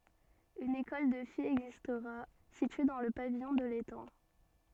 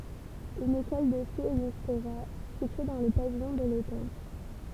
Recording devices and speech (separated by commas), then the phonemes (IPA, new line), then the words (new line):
soft in-ear microphone, temple vibration pickup, read sentence
yn ekɔl də fijz ɛɡzistʁa sitye dɑ̃ lə pavijɔ̃ də letɑ̃
Une école de filles existera, située dans le pavillon de l'étang.